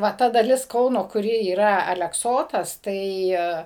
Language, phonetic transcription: Lithuanian, ˈva ˈta daˈlis ˈkauno kuˈri yˈra alekˈsotas ˈtai

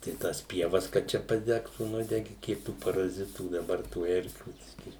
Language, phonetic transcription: Lithuanian, tai ˈtąs ˈpievas kad ˈčia paˈdegtų ˈnudegi ˈkiek tų paraˈzitų daˈbar tų ˈerkių ˈbiskį

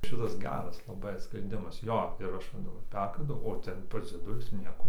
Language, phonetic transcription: Lithuanian, ˈšitas ˈgeras laˈbai sprenˈdimas ˈjo ir ˈaš ˈva daˈbar ˈperkandau o ˈten ˈpas dzieˈdulius ˈnieko

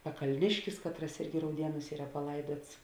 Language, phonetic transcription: Lithuanian, pakalˈniškis ˈkatˌras ˈirgi rauˈdienūs ˈyra paˈlaiduots

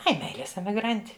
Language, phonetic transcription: Lithuanian, ˈai ˈmeilės emiˈgranti

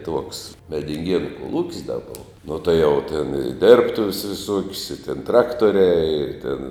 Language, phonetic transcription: Lithuanian, tuoks medinˈgienu koˈlūk's' da ˈbova nuo tuo jau ten i ˈdirbtuves viˈsuok's' i ten ˈtraktoriai ir tin

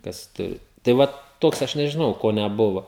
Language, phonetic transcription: Lithuanian, kas ˈturi tai ˈvat ˈtoks aš nežiˈnau ˈko neˈbuvo

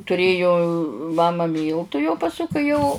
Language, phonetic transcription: Lithuanian, tuˈrėju ˈmama ˈmyltu jau paˈsu kai ˈjau

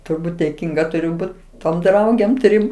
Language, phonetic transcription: Lithuanian, turˈbūt dėˈkynga tuˈriu ˈbut tom ˈdraugėm ˈtrim

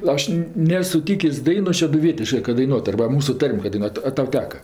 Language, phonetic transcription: Lithuanian, ˈaš ˈnės suˈtykės' ˈdainos šeduˈvietiškɜ kad daiˈnuot arba ˈmūsu ˈtarm' ka daiˈnuotu a ˈtau ˈteka

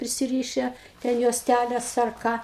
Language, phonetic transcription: Lithuanian, prisiˈryše ten juosˈtæles ar ˈką

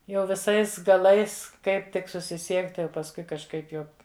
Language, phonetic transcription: Lithuanian, jau viˈsais gaˈlais ˈkaip tik susiˈsiekti o pasˈkui kažˈkaip jau

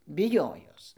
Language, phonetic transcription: Lithuanian, biˈjojos

